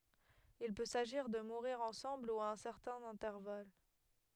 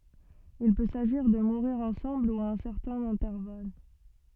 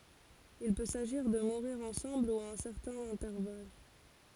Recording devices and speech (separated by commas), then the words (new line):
headset microphone, soft in-ear microphone, forehead accelerometer, read sentence
Il peut s'agir de mourir ensemble ou à un certain intervalle.